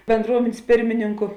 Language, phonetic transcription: Lithuanian, benˈdruomėn's' ˈpirmininku

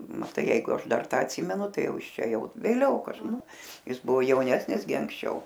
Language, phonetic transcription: Lithuanian, maˈtai ˈjeigu ˈaš ˈdar ˈtą atˈsymenu ˈtai ˈjau ˈjis ˈčia ˈjau vėˈliau kaž ˈnu ˈjis ˈbuvo jauˈnesnis gi anksˈčiau

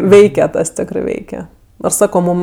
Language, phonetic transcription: Lithuanian, ˈveike ˈtas ˈtekrɜ ˈveike ˈnors ˈsako ˈmūm

